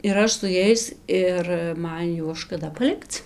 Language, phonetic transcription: Lithuanian, ir ˈaš su ˈjais ir ˈman ˈjuos škaˈda paˈlikc

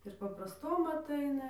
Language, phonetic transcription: Lithuanian, ir paprasˈtom atˈaina

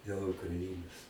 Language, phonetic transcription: Lithuanian, dėl ukraˈinos

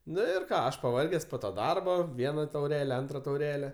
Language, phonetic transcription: Lithuanian, ˈnu ir ˈką ˈaš paˈvarges po to ˈdarbo ˈviena tauˈrele ˈantra tauˈrele

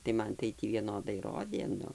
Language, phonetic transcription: Lithuanian, tai ˈman tai ˈtį vieˈnodai ˈrodė ˈnu

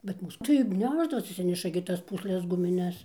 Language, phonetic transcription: Lithuanian, bet ˈmūs tai ˈnešdavosi atˈsineša gi ˈtas ˈpūsles gumiˈnes

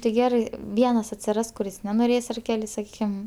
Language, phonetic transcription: Lithuanian, tai ˈgerai ˈvienas atsiˈras kuˈris nenoˈrės ar ˈkeli saˈkykim

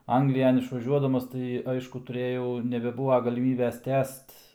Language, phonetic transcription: Lithuanian, ˈanglijan išvaˈžiuodamas tai ˈaišku tuˈrėjau nebeˈbūva galiˈmybės ˈtęst

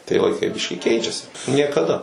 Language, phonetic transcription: Lithuanian, tai laiˈkai ˈbiškįˈkeičiasi niekaˈda

